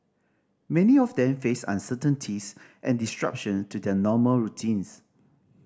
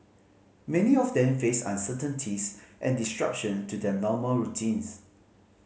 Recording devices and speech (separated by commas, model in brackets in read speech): standing microphone (AKG C214), mobile phone (Samsung C5010), read sentence